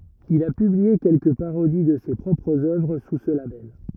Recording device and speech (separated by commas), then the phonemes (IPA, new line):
rigid in-ear microphone, read sentence
il a pyblie kɛlkə paʁodi də se pʁɔpʁz œvʁ su sə labɛl